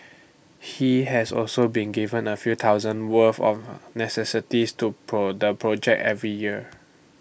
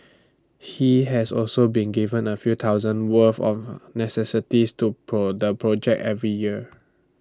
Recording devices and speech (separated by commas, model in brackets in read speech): boundary microphone (BM630), standing microphone (AKG C214), read sentence